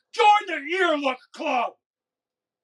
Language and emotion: English, angry